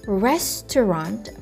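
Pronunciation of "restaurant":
'Restaurant' is said the American English way, in three syllables, 'rest', 't', 'runt', with the stress on the first syllable and a reduced vowel in the second.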